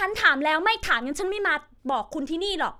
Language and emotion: Thai, angry